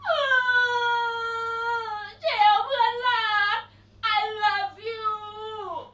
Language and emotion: Thai, happy